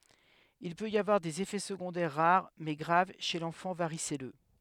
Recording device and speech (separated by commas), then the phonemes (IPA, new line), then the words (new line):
headset microphone, read sentence
il pøt i avwaʁ dez efɛ səɡɔ̃dɛʁ ʁaʁ mɛ ɡʁav ʃe lɑ̃fɑ̃ vaʁisɛlø
Il peut y avoir des effets secondaires rares mais graves chez l'enfant varicelleux.